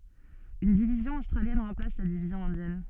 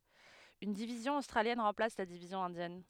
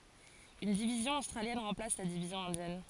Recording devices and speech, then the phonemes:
soft in-ear microphone, headset microphone, forehead accelerometer, read sentence
yn divizjɔ̃ ostʁaljɛn ʁɑ̃plas la divizjɔ̃ ɛ̃djɛn

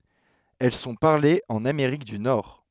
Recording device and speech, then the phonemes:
headset microphone, read sentence
ɛl sɔ̃ paʁlez ɑ̃n ameʁik dy nɔʁ

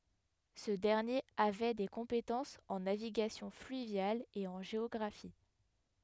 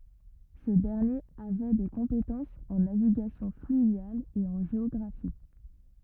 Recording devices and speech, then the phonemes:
headset microphone, rigid in-ear microphone, read sentence
sə dɛʁnjeʁ avɛ de kɔ̃petɑ̃sz ɑ̃ naviɡasjɔ̃ flyvjal e ɑ̃ ʒeɔɡʁafi

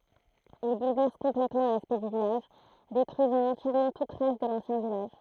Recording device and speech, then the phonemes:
throat microphone, read sentence
il bulvɛʁs kɔ̃plɛtmɑ̃ laspɛkt dy vilaʒ detʁyizɑ̃ ɑ̃tjɛʁmɑ̃ tut tʁas də lɑ̃sjɛ̃ vilaʒ

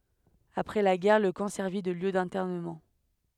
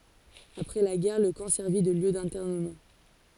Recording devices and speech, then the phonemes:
headset microphone, forehead accelerometer, read sentence
apʁɛ la ɡɛʁ lə kɑ̃ sɛʁvi də ljø dɛ̃tɛʁnəmɑ̃

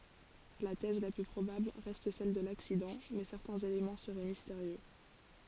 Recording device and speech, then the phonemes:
forehead accelerometer, read sentence
la tɛz la ply pʁobabl ʁɛst sɛl də laksidɑ̃ mɛ sɛʁtɛ̃z elemɑ̃ səʁɛ misteʁjø

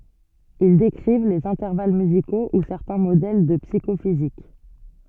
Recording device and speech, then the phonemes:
soft in-ear microphone, read sentence
il dekʁiv lez ɛ̃tɛʁval myziko u sɛʁtɛ̃ modɛl də psikofizik

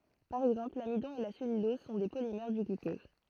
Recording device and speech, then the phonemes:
throat microphone, read sentence
paʁ ɛɡzɑ̃pl lamidɔ̃ e la sɛlylɔz sɔ̃ de polimɛʁ dy ɡlykɔz

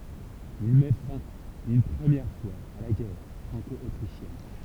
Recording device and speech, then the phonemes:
temple vibration pickup, read sentence
il mɛ fɛ̃ yn pʁəmjɛʁ fwaz a la ɡɛʁ fʁɑ̃kɔotʁiʃjɛn

